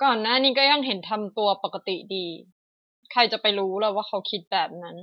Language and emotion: Thai, frustrated